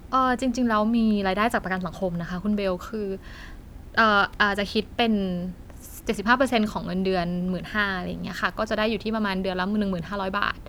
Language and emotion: Thai, neutral